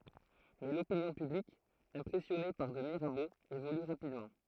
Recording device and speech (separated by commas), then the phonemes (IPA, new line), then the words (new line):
throat microphone, read sentence
mɛ lopinjɔ̃ pyblik ɛ̃pʁɛsjɔne paʁ də miʁabo evoly ʁapidmɑ̃
Mais l'opinion publique impressionnée par de Mirabeau évolue rapidement.